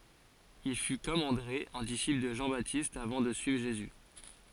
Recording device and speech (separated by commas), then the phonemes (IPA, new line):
forehead accelerometer, read sentence
il fy kɔm ɑ̃dʁe œ̃ disipl də ʒɑ̃batist avɑ̃ də syivʁ ʒezy